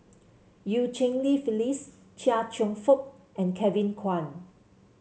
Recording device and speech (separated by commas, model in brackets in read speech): mobile phone (Samsung C7), read sentence